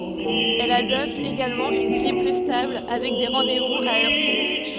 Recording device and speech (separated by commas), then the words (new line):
soft in-ear microphone, read sentence
Elle adopte également une grille plus stable, avec des rendez-vous à heure fixe.